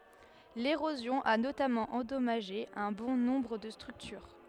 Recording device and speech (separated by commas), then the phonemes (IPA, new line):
headset microphone, read sentence
leʁozjɔ̃ a notamɑ̃ ɑ̃dɔmaʒe œ̃ bɔ̃ nɔ̃bʁ də stʁyktyʁ